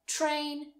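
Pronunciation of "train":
In 'train', the t before the r sounds more like a ch.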